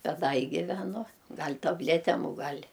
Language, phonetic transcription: Lithuanian, ˈbet ˈda i giveˈnu ˈgal' tabˈletem u ˈgal'

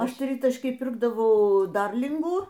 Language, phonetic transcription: Lithuanian, ˈaš ˈtritaškyj ˈpirkdavau ˈdarlingų

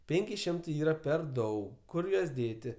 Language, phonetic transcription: Lithuanian, ˈpėnki ˈšimtai ˈyra per ˈdaug ˈkur juos ˈdėti

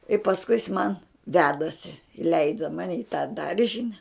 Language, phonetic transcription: Lithuanian, i pasˈkui jis man ˈvedasi iˈleida ˈmani i tą ˈdaržine

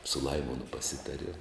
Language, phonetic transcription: Lithuanian, su ˈlaimonu paˈsitariem

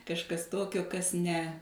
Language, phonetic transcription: Lithuanian, kažˈkas ˈtokio ˈkas ne

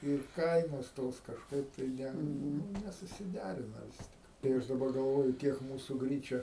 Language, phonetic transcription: Lithuanian, ir ˈkainos ˈtos kažˈkaip tai ˈne ˈnu nesusiˈderina ˈvis tik tai ˈaš daˈbar galˈvoju ˈkiek ˈmūsu ˈgryčia

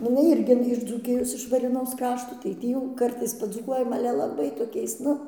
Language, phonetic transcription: Lithuanian, nu iˈnai ˈirgi iš dzūˈkijos iš varėˈnos ˈkrašto tai ˈtį jau ˈkartais padzūˈkuojam ˈale laˈbai toˈkiais ˈnu

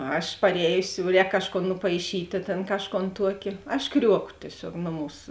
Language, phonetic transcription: Lithuanian, ˈaš parˈējusi jau ˈrēk ˈkažˌkon nupaiˈšytė ˈtėn ˈkažˌkon ˈtuoki aš ˈkriuoko tieˈsiog ˈnoˌmūs

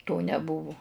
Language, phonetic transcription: Lithuanian, to neˈbuvu

